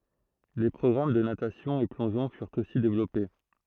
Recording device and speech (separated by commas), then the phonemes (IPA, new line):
throat microphone, read sentence
le pʁɔɡʁam də natasjɔ̃ e plɔ̃ʒɔ̃ fyʁt osi devlɔpe